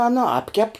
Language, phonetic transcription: Lithuanian, ˈana ˈapkep

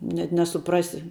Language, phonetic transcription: Lithuanian, net nesuˈprasi

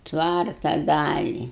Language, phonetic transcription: Lithuanian, ˈtvarta ˈdali

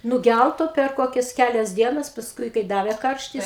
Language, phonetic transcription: Lithuanian, nuˈgælto per ˈkokias ˈkælias ˈdienas pasˈkui kai ˈdavė ˈkarštis

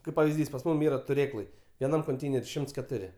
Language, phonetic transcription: Lithuanian, ˈkaip pavizˈdys pas ˈmum ˈyra tuˈrėklai vieˈnam konˈteineri ˈšimts keˈturi

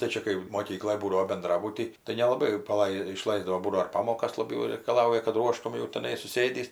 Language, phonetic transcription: Lithuanian, tai ˈčia kai moˈkykloj ˈbūdavo benˈdrabuty tai nelaˈbai jau paˈlai iˈšlaisdavo ˈbūdavo ir ˈpamokas laˈbiau reikaˈlauja kad ˈruoštum jau teˈnai suˈsėdįs

